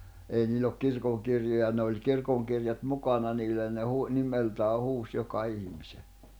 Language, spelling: Finnish, ei niillä ole kirkonkirjoja ne oli kirkonkirjat mukana niillä ja ne - nimeltään huusi joka ihmisen
- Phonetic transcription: ei niil̆l ‿ok 'kirkoŋkirjoja ne oĺ 'kirkoŋkirjat 'mukana niillä ja ne hu- , 'nimeltää 'huus 'joka ihⁱmise .

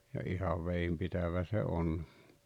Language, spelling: Finnish, ja ihan vedenpitävä se on
- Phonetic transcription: ja 'ihav 'veimpitävä se 'on .

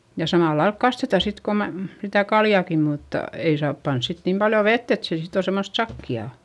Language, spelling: Finnish, ja samalla lailla kastetaan sitten kun - sitä kaljaakin mutta ei saa panna sitten niin paljon vettä että se sitten on semmoista sakeaa
- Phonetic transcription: ja samàllailk kasteta sit ko mäm- , sitä kaljàki mutta , ei saap pans sit niim paljo vett ‿et se sit ‿on̬ semmost sakki₍à .

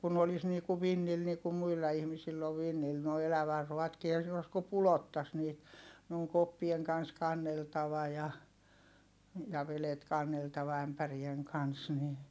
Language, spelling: Finnish, kun olisi niin kuin vintillä niin kuin muilla ihmisillä on vintillä nuo elävänruoatkin eihän siinä ole kuin pudottaisi niitä ne on koppien kanssa kanneltava ja ja vedet kanneltava ämpärien kanssa niin
- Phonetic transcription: kun olis nii ku vinnil nii ku muilla ihmisill ‿ov vinnil noi elävärruᵛatkii ehän̬ siin ‿os ku pulottas niit , ne ‿oŋ koppieŋ kan̬s kanneltava ja , ja velet kanneltava ämpärieŋ kans ni ,.

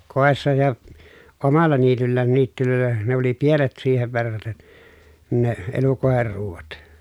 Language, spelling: Finnish, kodissa ja omalla niityllään niityillä ne oli pienet siihen verraten ne elukoiden ruuat
- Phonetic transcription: kòessa ja , omalla niityllään niittylö̀el̀ä , ne oli pienet siihev verraten , ne , elukòeher ruuvat .

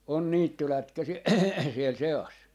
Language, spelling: Finnish, on niittylätkäisiä siellä seassa
- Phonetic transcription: on "niittylätkäsi₍ä 'siel 'se₍as .

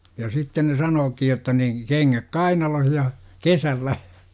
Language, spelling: Finnish, ja sitten ne sanookin jotta niin kengät kainalossa ja kesällä
- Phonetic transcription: ja "sitten ne 'sanookij jotta ni , 'keŋŋäk "kainaloh ja , "kesällä .

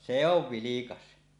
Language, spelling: Finnish, se on vilkas
- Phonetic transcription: se ‿ov 'vilikas .

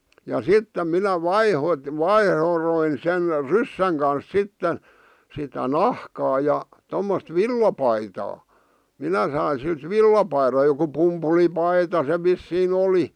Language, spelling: Finnish, ja sitten minä - vaihdoin sen ryssän kanssa sitten sitä nahkaa ja tuommoista villapaitaa minä sain siltä villapaidan joku pumpulipaita se vissiin oli
- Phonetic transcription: ja 'sittem 'minä "vaiho- , "vaihroin sen "ryssäŋ kans 'sitte , sitä "nahkaa ja , tommost "villapaitaa , 'minä sain̬ silt "villapairᵃ joku 'pumpulipaita se 'vissii'n ‿oli .

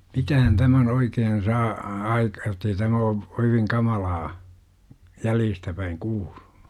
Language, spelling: Finnish, mitähän tämän oikein saa - - jotta ei tämä ole oikein kamalaa jäljestä päin kuulunut
- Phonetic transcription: 'mitähän 'tämän oikeen 'saa , a - 'aik , jot̆tei tämä o , oikeŋ 'kamalaa , "jäljistä päiŋ "kuuL(UNU) , .

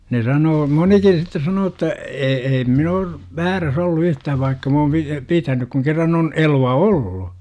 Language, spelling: Finnish, ne sanoo monikin sitten sanoo että - en minä ole väärässä ollut - yhtään vaikka minä olen - pitänyt kun kerran on elukka ollut
- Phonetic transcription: ne 'sanoo "monikin̬ sitte 'sanoo ‿tta , e- 'eim min ‿oor , "vääräs ollu 'yh - tääv vaikka m ‿oom pi- , "pitänyk kuŋ kerran on , 'elu₍a "ollu .

